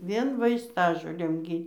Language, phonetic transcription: Lithuanian, ˈvien vaisˈtažolėm ˈgy

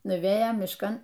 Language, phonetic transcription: Lithuanian, nuˈvėjom mišˈkan

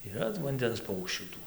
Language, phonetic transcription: Lithuanian, yˈra vanˈdens ˈpaukščių ˈtų

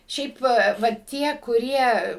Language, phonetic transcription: Lithuanian, ˈšiaip va va ˈtie kuˈrie

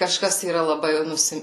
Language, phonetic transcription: Lithuanian, kaˈžkas yˈra laˈbai ˈnusi

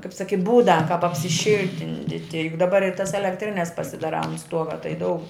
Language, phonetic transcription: Lithuanian, kaip ˈsaki ˈbūda kap apsiˈšil'tinditi juk daˈbar ir tas elekˈtrines pasidaˈrā ant ˈstuoga tai ˈdaug

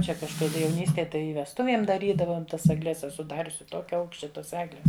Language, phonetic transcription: Lithuanian, ˈčia kažkaˈda jauˈnystėj ˈtai i vesˈtuviem daˈrydavom ˈtas agˈles eˈsu ˈdariusi ˈtokia ˈaukščia ˈtos ˈegles

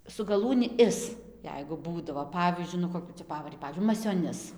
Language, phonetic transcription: Lithuanian, su gaˈlūni ˈis ˈjeigu ˈbūdavo ˈpavyzdžiui nu koˈkių cia ˈpavari ˈpavyzdžiui masioˈnis

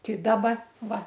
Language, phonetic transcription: Lithuanian, ti ˈdaba ˈva

